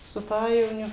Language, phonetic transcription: Lithuanian, su ˈpajevoniu

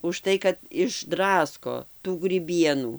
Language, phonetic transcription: Lithuanian, užˈtai kad išˈdrasko tų gryˈbienų

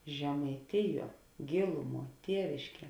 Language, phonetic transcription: Lithuanian, žemaiˈtiˌjuo ˈgėluˌmuo ˈtievišˌkie

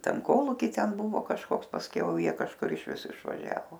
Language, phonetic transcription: Lithuanian, ˈten ˈkolūky ˈten ˈbuvo kažˈkoks pasˈkiau ˈjie kažˈkur išˈvis išvaˈžiavo

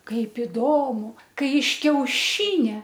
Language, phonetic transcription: Lithuanian, ˈkaip iˈdomu ˈkai iš kiauˈšynia

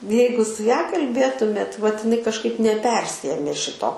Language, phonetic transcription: Lithuanian, ˈjeigu su ˈja kalˈbėtumėt vat iˈnai kažˈkaip neˈpersiėmė ˈšito

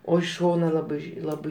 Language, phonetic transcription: Lithuanian, o iš ˈšona ˈlabai ˈlabai

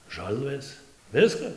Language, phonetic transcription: Lithuanian, ˈžalvɘs ˈviskas

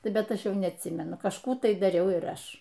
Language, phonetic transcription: Lithuanian, ˈbet ˈaš ˈjau neatˈsymenu kažˈkų tai daˈriau ir ˈaš

